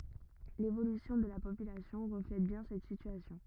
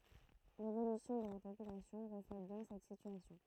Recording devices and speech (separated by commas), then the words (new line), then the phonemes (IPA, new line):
rigid in-ear microphone, throat microphone, read sentence
L’évolution de la population reflète bien cette situation.
levolysjɔ̃ də la popylasjɔ̃ ʁəflɛt bjɛ̃ sɛt sityasjɔ̃